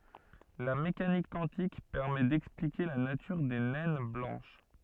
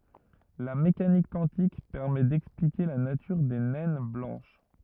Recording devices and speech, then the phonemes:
soft in-ear microphone, rigid in-ear microphone, read sentence
la mekanik kwɑ̃tik pɛʁmɛ dɛksplike la natyʁ de nɛn blɑ̃ʃ

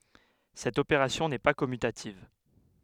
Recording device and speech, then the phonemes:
headset microphone, read sentence
sɛt opeʁasjɔ̃ nɛ pa kɔmytativ

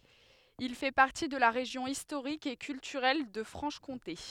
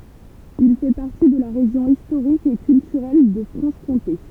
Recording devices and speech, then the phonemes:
headset microphone, temple vibration pickup, read sentence
il fɛ paʁti də la ʁeʒjɔ̃ istoʁik e kyltyʁɛl də fʁɑ̃ʃ kɔ̃te

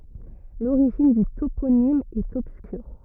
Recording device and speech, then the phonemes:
rigid in-ear microphone, read sentence
loʁiʒin dy toponim ɛt ɔbskyʁ

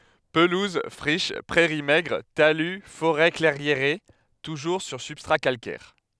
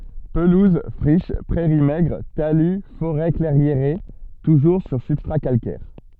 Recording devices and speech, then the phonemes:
headset microphone, soft in-ear microphone, read sentence
pəluz fʁiʃ pʁɛʁi mɛɡʁ taly foʁɛ klɛʁjeʁe tuʒuʁ syʁ sybstʁa kalkɛʁ

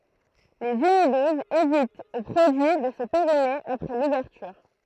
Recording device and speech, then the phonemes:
throat microphone, read sentence
lez ynidozz evitt o pʁodyi də sə peʁime apʁɛ luvɛʁtyʁ

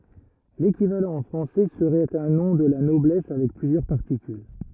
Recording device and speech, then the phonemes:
rigid in-ear microphone, read sentence
lekivalɑ̃ ɑ̃ fʁɑ̃sɛ səʁɛt œ̃ nɔ̃ də la nɔblɛs avɛk plyzjœʁ paʁtikyl

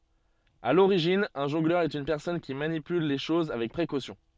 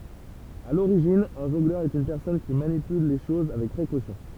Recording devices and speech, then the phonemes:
soft in-ear microphone, temple vibration pickup, read sentence
a loʁiʒin œ̃ ʒɔ̃ɡlœʁ ɛt yn pɛʁsɔn ki manipyl le ʃoz avɛk pʁekosjɔ̃

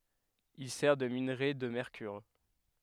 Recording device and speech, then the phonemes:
headset microphone, read sentence
il sɛʁ də minʁe də mɛʁkyʁ

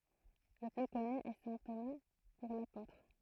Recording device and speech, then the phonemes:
throat microphone, read sentence
lə ply kɔny ɛ sɛ̃ toma puʁ lapotʁ

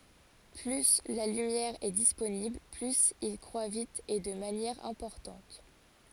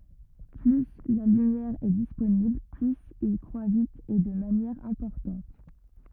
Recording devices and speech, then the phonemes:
forehead accelerometer, rigid in-ear microphone, read sentence
ply la lymjɛʁ ɛ disponibl plyz il kʁwa vit e də manjɛʁ ɛ̃pɔʁtɑ̃t

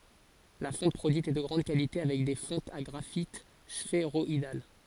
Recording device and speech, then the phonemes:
forehead accelerometer, read sentence
la fɔ̃t pʁodyit ɛ də ɡʁɑ̃d kalite avɛk de fɔ̃tz a ɡʁafit sfeʁɔidal

